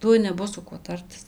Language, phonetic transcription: Lithuanian, ˈtuoj neˈbus su ˈkuo ˈtartis

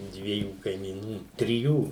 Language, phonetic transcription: Lithuanian, ˈdviejų kaimyˈnų triˈjų

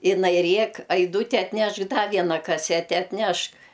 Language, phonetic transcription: Lithuanian, iˈnai ˈrėk aiˈdūti atˈnešk da ˈviena kaˈsete atˈnešk

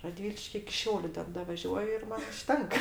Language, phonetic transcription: Lithuanian, raˈdviliški iki ˈšiauliu ˈten davaˈžiuoju ir ˈman užˈtenka

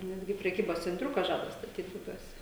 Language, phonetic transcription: Lithuanian, ˈnetgi preˈkybos cenˈtriuka ˈžada staˈtyt buˈbiuose

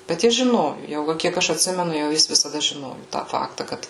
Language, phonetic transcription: Lithuanian, bet ˈjis žiˈnoju jau ˈva kiek ˈaš atˈsimenu jau ˈjis visaˈda žiˈnoju tą ˈfakta ˈkad

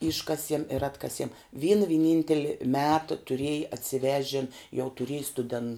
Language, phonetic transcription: Lithuanian, ˈiškasiem ir ˈatkasiem ˈvyna viˈninteli ˈmeta tuˈrėji atsiˈvežen jau tuˈriej stuˈden

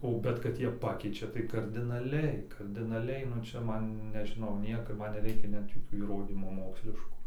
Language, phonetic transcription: Lithuanian, o ˈbet kad ˈjie ˈpakeičia tai kardinaˈliai kardinaˈliai nu ˈčia ˈman nežiˈnau ˈnieko ˈman neˈreikia net joˈkių įˈrodymų ˈmoksliškų

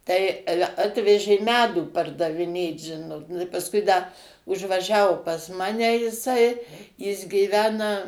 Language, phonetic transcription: Lithuanian, tai ˈale ˈatvežė ˈmedų pardaviˈnėt ˈžinot nu i pasˈkui da užvaˈžiavo pas ˈmane jiˈsai jis gyˈvena

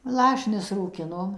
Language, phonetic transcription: Lithuanian, ˈlašinius rūˈkinom

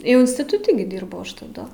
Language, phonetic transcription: Lithuanian, jau instituˈti gi ˈdyrbau ˈaš taˈdu

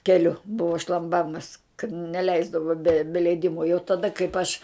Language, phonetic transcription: Lithuanian, keˈliu ˈbuvo šlamˈbamas kad neˈleisdavo be be leiˈdimo jau taˈda kaip aš

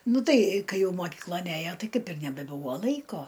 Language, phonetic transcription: Lithuanian, ˈnu ˈtai ˈkai ˈjau moˈkyklon ˈæjo ˈtai ˈkaip ir nebeˈbūvo ˈlaiko

